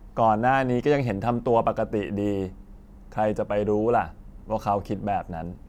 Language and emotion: Thai, neutral